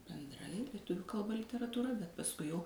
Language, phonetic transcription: Lithuanian, benˈdrai lieˈtuviu kalˈba literatūˈra bet pasˈkui jau

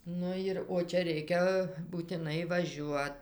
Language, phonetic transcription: Lithuanian, ˈnu jir o ˈčia ˈreikia būtiˈnai vaˈžiuot

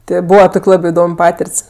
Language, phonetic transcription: Lithuanian, ˈtė ˈbūva ˈtok' ˈlabi iˈdom' ˈpatirt's'

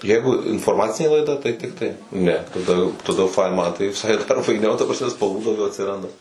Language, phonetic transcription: Lithuanian, ˈjeigu infoˈrmacinė laiˈda tai ˈtiktai ˈne taˈda taˈda jau ˈfain ˈman tai viˈsai dar faiˈniau ta prasˈme spalˈvų dauˈgiau atsiˈranda

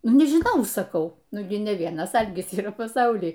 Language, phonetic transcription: Lithuanian, ˈnu nežiˈnau saˈkau ˈnu gi ne ˈvienas ˈalgis yˈra paˈsauly

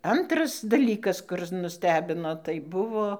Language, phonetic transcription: Lithuanian, ˈantras daˈlykas ˈkurɨs nuˈstebino tai ˈbuvo

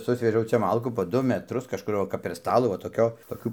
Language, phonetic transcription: Lithuanian, ˈsusvežiau ˈčia ˈmalkų po ˈdu meˈtrus kažˈkur va kap per ˈstalų va toˈkio toˈkių

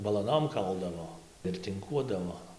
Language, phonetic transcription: Lithuanian, balaˈnom ˈkaldavo ir tinˈkuodavo

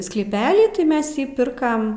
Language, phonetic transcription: Lithuanian, sklyˈpelį ti ˈmes ˈjį ˈpirkam

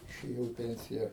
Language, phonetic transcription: Lithuanian, išėˈjau i ˈpensija

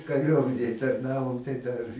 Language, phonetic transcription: Lithuanian, kaˈriuomenėj tarˈnavom tai dar

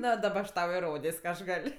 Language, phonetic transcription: Lithuanian, ˈno daˈba aš ˈtau iˈrodės' ka ˈaš ˈgal'

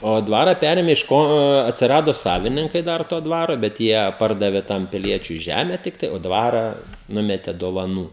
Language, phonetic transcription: Lithuanian, o ˈdvara ˈperėmė iš ˈko atsiˈrado ˈsavininkai ˈdar to ˈdvaro bet ˈjie ˈpardavė ˈtam piˈliečiui ˈžeme ˈtiktai o ˈdvara ˈnumete dovaˈnų

